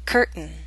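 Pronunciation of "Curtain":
In 'curtain', a glottal stop comes before the unstressed n sound at the end.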